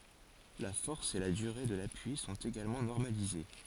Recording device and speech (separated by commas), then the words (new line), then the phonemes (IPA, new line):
forehead accelerometer, read sentence
La force et la durée de l'appui sont également normalisées.
la fɔʁs e la dyʁe də lapyi sɔ̃t eɡalmɑ̃ nɔʁmalize